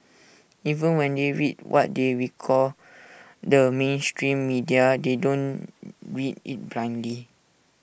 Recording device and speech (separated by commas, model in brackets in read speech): boundary microphone (BM630), read sentence